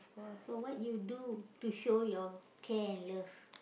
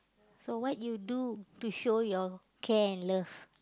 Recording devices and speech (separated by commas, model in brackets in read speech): boundary microphone, close-talking microphone, conversation in the same room